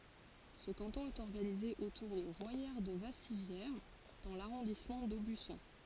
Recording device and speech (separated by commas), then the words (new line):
forehead accelerometer, read sentence
Ce canton est organisé autour de Royère-de-Vassivière dans l'arrondissement d'Aubusson.